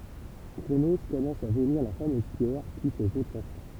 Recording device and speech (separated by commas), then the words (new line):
temple vibration pickup, read sentence
Cronos commence à vomir la fameuse pierre, puis ses autres enfants.